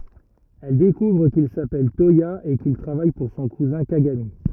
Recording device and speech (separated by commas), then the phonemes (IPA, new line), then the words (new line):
rigid in-ear microphone, read sentence
ɛl dekuvʁ kil sapɛl twaja e kil tʁavaj puʁ sɔ̃ kuzɛ̃ kaɡami
Elle découvre qu'il s'appelle Toya et qu'il travaille pour son cousin Kagami.